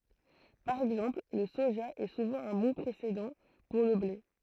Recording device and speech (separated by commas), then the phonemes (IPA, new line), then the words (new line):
throat microphone, read sentence
paʁ ɛɡzɑ̃pl lə soʒa ɛ suvɑ̃ œ̃ bɔ̃ pʁesedɑ̃ puʁ lə ble
Par exemple, le soja est souvent un bon précédent pour le blé.